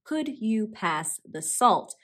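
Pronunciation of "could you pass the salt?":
In 'could you', the d sound and the y sound stay separate and do not combine into a j sound.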